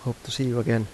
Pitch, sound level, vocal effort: 120 Hz, 80 dB SPL, soft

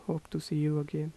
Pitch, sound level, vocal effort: 155 Hz, 77 dB SPL, soft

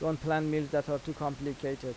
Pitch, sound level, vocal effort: 145 Hz, 86 dB SPL, normal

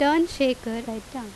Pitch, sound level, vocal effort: 255 Hz, 87 dB SPL, loud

